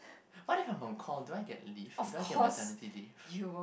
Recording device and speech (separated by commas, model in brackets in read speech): boundary microphone, conversation in the same room